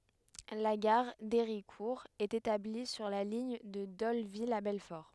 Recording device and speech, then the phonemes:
headset microphone, read sentence
la ɡaʁ deʁikuʁ ɛt etabli syʁ la liɲ də dolvil a bɛlfɔʁ

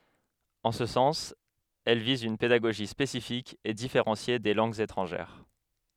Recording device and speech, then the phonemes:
headset microphone, read sentence
ɑ̃ sə sɑ̃s ɛl viz yn pedaɡoʒi spesifik e difeʁɑ̃sje de lɑ̃ɡz etʁɑ̃ʒɛʁ

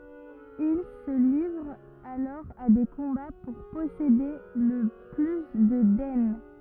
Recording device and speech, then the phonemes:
rigid in-ear microphone, read sentence
il sə livʁt alɔʁ a de kɔ̃ba puʁ pɔsede lə ply də dɛn

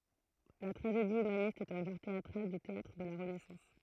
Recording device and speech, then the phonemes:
throat microphone, read sentence
la tʁaʒedi ymanist ɛt œ̃ ʒɑ̃ʁ teatʁal dy teatʁ də la ʁənɛsɑ̃s

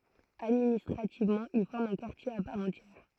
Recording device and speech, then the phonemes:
throat microphone, read sentence
administʁativmɑ̃ il fɔʁm œ̃ kaʁtje a paʁ ɑ̃tjɛʁ

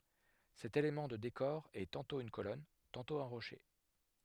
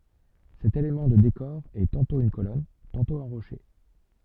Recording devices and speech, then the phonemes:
headset microphone, soft in-ear microphone, read sentence
sɛt elemɑ̃ də dekɔʁ ɛ tɑ̃tɔ̃ yn kolɔn tɑ̃tɔ̃ œ̃ ʁoʃe

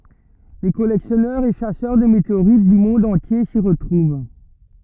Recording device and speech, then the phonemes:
rigid in-ear microphone, read sentence
le kɔlɛksjɔnœʁz e ʃasœʁ də meteoʁit dy mɔ̃d ɑ̃tje si ʁətʁuv

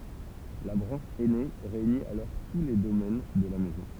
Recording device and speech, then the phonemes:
temple vibration pickup, read sentence
la bʁɑ̃ʃ ɛne ʁeyni alɔʁ tu le domɛn də la mɛzɔ̃

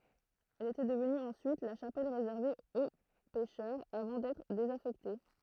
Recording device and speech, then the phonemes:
throat microphone, read sentence
ɛl etɛ dəvny ɑ̃syit la ʃapɛl ʁezɛʁve o pɛʃœʁz avɑ̃ dɛtʁ dezafɛkte

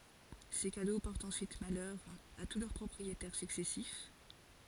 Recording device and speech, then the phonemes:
forehead accelerometer, read sentence
se kado pɔʁtt ɑ̃syit malœʁ a tu lœʁ pʁɔpʁietɛʁ syksɛsif

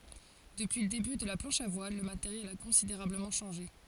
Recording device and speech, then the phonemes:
forehead accelerometer, read sentence
dəpyi lə deby də la plɑ̃ʃ a vwal lə mateʁjɛl a kɔ̃sideʁabləmɑ̃ ʃɑ̃ʒe

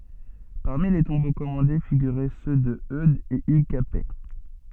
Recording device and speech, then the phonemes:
soft in-ear microphone, read sentence
paʁmi le tɔ̃bo kɔmɑ̃de fiɡyʁɛ sø də ødz e yɡ kapɛ

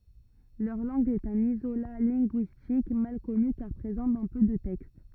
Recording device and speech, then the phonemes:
rigid in-ear microphone, read sentence
lœʁ lɑ̃ɡ ɛt œ̃n izola lɛ̃ɡyistik mal kɔny kaʁ pʁezɑ̃ dɑ̃ pø də tɛkst

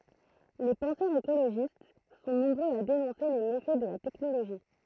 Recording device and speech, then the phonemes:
throat microphone, read sentence
le pɑ̃sœʁz ekoloʒist sɔ̃ nɔ̃bʁøz a denɔ̃se le mefɛ də la tɛknoloʒi

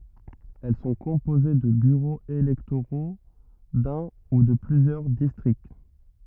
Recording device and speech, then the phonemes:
rigid in-ear microphone, read sentence
ɛl sɔ̃ kɔ̃poze də byʁoz elɛktoʁo dœ̃ u də plyzjœʁ distʁikt

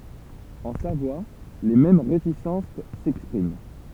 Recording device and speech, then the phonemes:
temple vibration pickup, read sentence
ɑ̃ savwa le mɛm ʁetisɑ̃s sɛkspʁim

